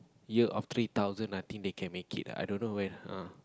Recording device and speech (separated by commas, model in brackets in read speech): close-talking microphone, conversation in the same room